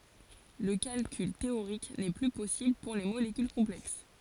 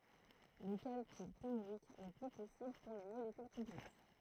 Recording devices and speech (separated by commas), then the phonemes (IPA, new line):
forehead accelerometer, throat microphone, read sentence
lə kalkyl teoʁik nɛ ply pɔsibl puʁ le molekyl kɔ̃plɛks